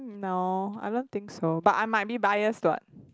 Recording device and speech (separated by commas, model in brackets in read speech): close-talking microphone, conversation in the same room